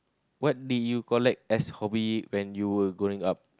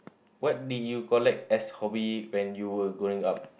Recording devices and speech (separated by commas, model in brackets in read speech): close-talking microphone, boundary microphone, conversation in the same room